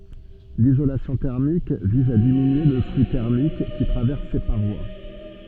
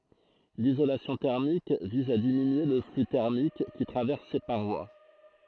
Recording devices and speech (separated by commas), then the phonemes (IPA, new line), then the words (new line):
soft in-ear microphone, throat microphone, read sentence
lizolasjɔ̃ tɛʁmik viz a diminye lə fly tɛʁmik ki tʁavɛʁs se paʁwa
L'isolation thermique vise à diminuer le flux thermique qui traverse ses parois.